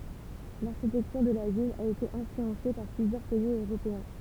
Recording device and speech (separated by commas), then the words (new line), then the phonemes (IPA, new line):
temple vibration pickup, read sentence
L'architecture de la ville a été influencée par plusieurs pays européens.
laʁʃitɛktyʁ də la vil a ete ɛ̃flyɑ̃se paʁ plyzjœʁ pɛiz øʁopeɛ̃